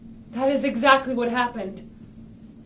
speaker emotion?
fearful